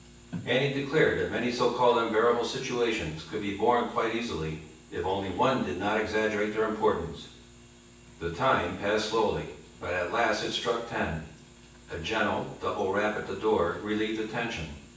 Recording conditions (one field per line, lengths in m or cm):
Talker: one person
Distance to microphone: 9.8 m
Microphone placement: far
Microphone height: 1.8 m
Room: large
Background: television